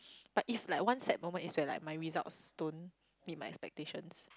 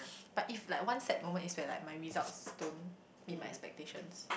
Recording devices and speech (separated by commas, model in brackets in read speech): close-talking microphone, boundary microphone, conversation in the same room